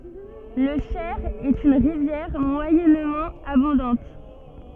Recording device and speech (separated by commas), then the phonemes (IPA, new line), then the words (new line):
soft in-ear microphone, read sentence
lə ʃɛʁ ɛt yn ʁivjɛʁ mwajɛnmɑ̃ abɔ̃dɑ̃t
Le Cher est une rivière moyennement abondante.